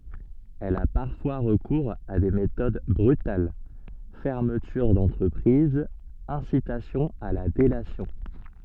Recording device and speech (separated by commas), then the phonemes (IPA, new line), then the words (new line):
soft in-ear microphone, read sentence
ɛl a paʁfwa ʁəkuʁz a de metod bʁytal fɛʁmətyʁ dɑ̃tʁəpʁiz ɛ̃sitasjɔ̃ a la delasjɔ̃
Elle a parfois recours à des méthodes brutales: fermeture d'entreprise, incitation à la délation.